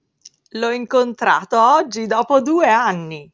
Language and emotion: Italian, happy